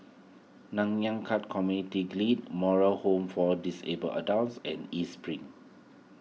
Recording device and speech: mobile phone (iPhone 6), read sentence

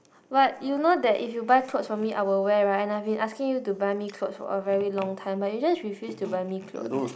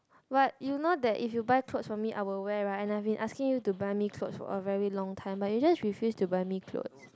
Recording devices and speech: boundary microphone, close-talking microphone, conversation in the same room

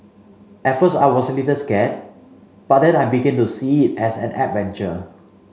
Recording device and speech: mobile phone (Samsung C5), read sentence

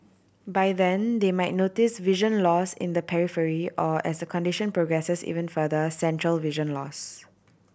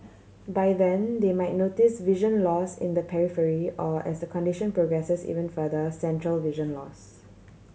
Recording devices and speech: boundary microphone (BM630), mobile phone (Samsung C7100), read sentence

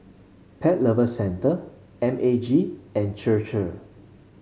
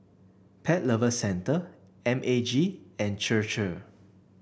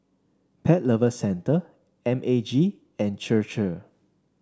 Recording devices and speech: mobile phone (Samsung C5), boundary microphone (BM630), standing microphone (AKG C214), read sentence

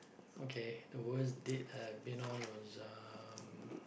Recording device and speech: boundary microphone, conversation in the same room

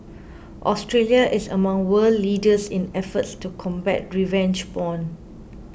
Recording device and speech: boundary microphone (BM630), read sentence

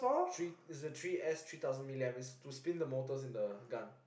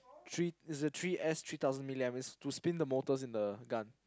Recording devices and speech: boundary microphone, close-talking microphone, conversation in the same room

